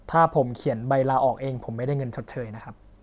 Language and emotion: Thai, neutral